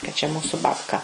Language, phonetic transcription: Lithuanian, ka čia ˈmūsu babˈka

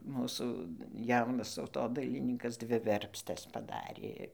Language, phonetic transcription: Lithuanian, ˈmūsų ˈjaunas tautodailiˈnykas ˈdvi ˈverpstes paˈdarė

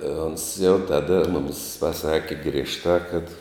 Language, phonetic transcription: Lithuanian, ons jau ˈtada ˈmumis paˈsaki griežˈtā kad

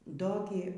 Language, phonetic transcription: Lithuanian, ˈdo gi

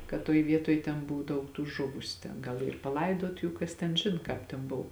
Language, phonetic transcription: Lithuanian, kad ˈtoj ˈvietoj ten ˈbuv ˈdaug tų ˈžuvusiu ten ˈgal ˈyr paˈlaidot ˈjų ˈkas ten ˈžin ˈkāp ten ˈbov

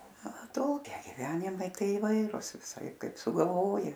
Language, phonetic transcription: Lithuanian, aˈtokiai giˈvenimai ˈtai iˈvairus viˈsaip ˈkaip sugalˈvoji

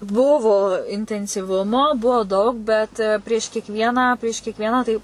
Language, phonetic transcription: Lithuanian, ˈbuvo intensyˈvumo ˈbuo ˈdaug ˈbet prieš kiekˈvieną prieš kiekˈvieną tai

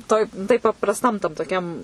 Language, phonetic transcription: Lithuanian, ˈtoj tai paprasˈtam tam toˈkiam

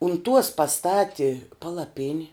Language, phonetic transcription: Lithuanian, un tuos paˈstati palaˈpini

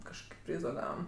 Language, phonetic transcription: Lithuanian, kažˈkoki ˈpryzo ˈgavam

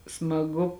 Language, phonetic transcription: Lithuanian, smaˈgu

